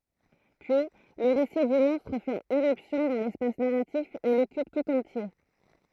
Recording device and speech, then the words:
throat microphone, read sentence
Puis, le récit du monstre fait irruption dans l'espace narratif et l'occupe tout entier.

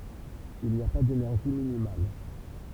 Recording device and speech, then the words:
temple vibration pickup, read sentence
Il n'y a pas d'énergie minimale.

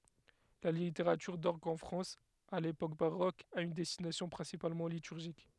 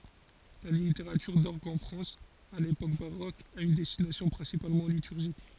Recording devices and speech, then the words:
headset microphone, forehead accelerometer, read sentence
La littérature d'orgue en France à l'époque baroque a une destination principalement liturgique.

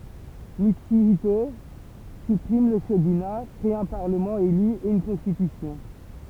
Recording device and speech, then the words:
temple vibration pickup, read sentence
Mutsuhito supprime le shogunat, crée un parlement élu et une constitution.

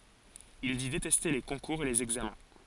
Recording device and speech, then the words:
forehead accelerometer, read sentence
Il dit détester les concours et les examens.

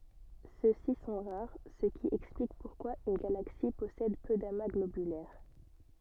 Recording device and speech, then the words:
soft in-ear microphone, read sentence
Ceux-ci sont rares, ce qui explique pourquoi une galaxie possède peu d'amas globulaires.

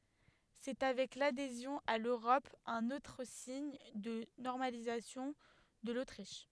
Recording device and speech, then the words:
headset microphone, read sentence
C’est avec l’adhésion à l’Europe un autre signe de normalisation de l’Autriche.

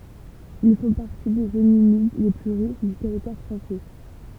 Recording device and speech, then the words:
temple vibration pickup, read sentence
Ils font partie des zones humides les plus riches du territoire français.

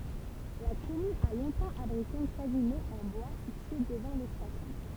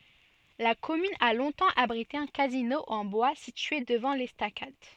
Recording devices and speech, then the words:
temple vibration pickup, soft in-ear microphone, read sentence
La commune a longtemps abrité un casino, en bois, situé devant l'estacade.

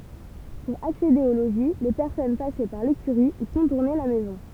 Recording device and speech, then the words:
temple vibration pickup, read sentence
Pour accéder au logis, les personnes passaient par l'écurie ou contournaient la maison.

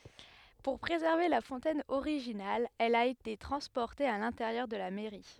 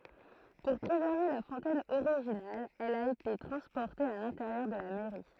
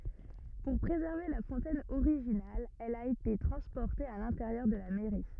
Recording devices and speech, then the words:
headset microphone, throat microphone, rigid in-ear microphone, read sentence
Pour préserver la fontaine originale, elle a été transportée à l'intérieur de la mairie.

